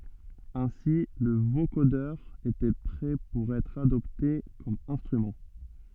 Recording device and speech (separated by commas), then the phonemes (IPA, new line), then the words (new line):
soft in-ear microphone, read sentence
ɛ̃si lə vokodœʁ etɛ pʁɛ puʁ ɛtʁ adɔpte kɔm ɛ̃stʁymɑ̃
Ainsi le vocodeur était prêt pour être adopté comme instrument.